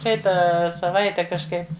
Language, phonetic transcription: Lithuanian, ˈpraitą saˈvaite kažˈkaip

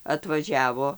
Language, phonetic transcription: Lithuanian, atvaˈžiavo

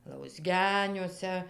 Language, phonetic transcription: Lithuanian, lausˈgeniuose

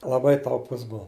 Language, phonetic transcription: Lithuanian, laˈbai tauˈpus ˈbuo

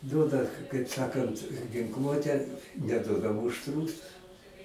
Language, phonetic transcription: Lithuanian, ˈduoda kaip ˈsakant ginˈkluotę neˈduoda ˈmūšt ˈrūsus

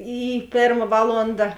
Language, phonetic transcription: Lithuanian, ˈy ˈpėrma ˈvalonda

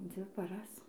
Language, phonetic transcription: Lithuanian, ˈdzvi paˈras

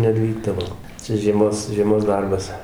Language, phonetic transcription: Lithuanian, neˈvykdavo ˈcia žieˈmos žieˈmos ˈdarbas

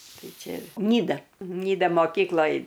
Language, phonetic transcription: Lithuanian, ˈtai ˈčia ˈnyda ˈnyda moˈkykloj

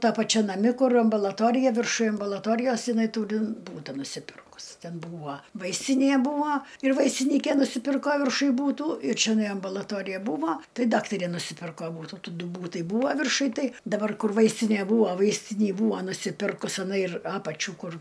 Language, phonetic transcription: Lithuanian, ˈta paˈčia naˈmi ˈkur ambalaˈtorija virˈšuj ambulaˈtorijos jiˈnai ˈtūri ˈbūta nusiˈpirkus ˈten ˈbūva ˈvaistinė ˈbūva ir vaistiˈnyke nusiˈpirko virˈšuj būˈtų ir čeˈnai ambulaˈtorija ˈbūvo ˈtai ˈdaktarė nusiˈpirko ˈbūtu ˈtų ˈdu ˈbūtai ˈbūva virˈšuj ˈtai daˈbar ˈkur ˈvaistinė ˈbūvo ˈvaistinį ˈbūva nusiˈpirkus iˈnai ir ˈapačių ˈkur

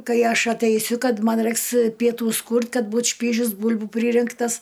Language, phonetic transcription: Lithuanian, ˈkai ˈaš ateiˈsiu ˈkad ˈman ˈrɜiks pieˈtūs ˈkūrt' ˈkad ˈbūt ˈšpyžius ˈbul'bu ˈpryrinktas

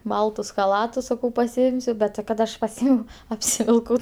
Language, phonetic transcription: Lithuanian, ˈbaltus chaˈlatus saˈkau pasiˈimsiu ˈbet ti ˈkad ˈaš paˈsymiau apsivilˈkau

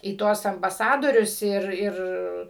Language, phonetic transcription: Lithuanian, į ˈtuos ambaˈsadorius ˈir ˈir

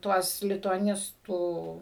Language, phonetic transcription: Lithuanian, ˈtuos lituaˈnistų

